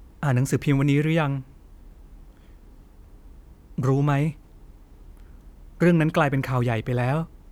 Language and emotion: Thai, sad